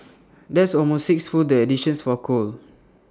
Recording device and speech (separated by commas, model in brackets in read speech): standing microphone (AKG C214), read sentence